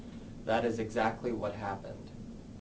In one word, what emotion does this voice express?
neutral